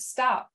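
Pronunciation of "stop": In 'stop', the final p is unreleased, but the vocal folds close together with it, so a p is still heard at the end.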